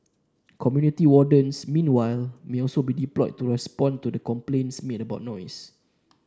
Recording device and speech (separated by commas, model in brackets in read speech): standing microphone (AKG C214), read sentence